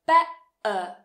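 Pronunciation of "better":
'better' is said with a glottal stop in the middle of the word.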